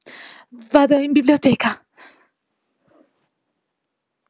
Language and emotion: Italian, fearful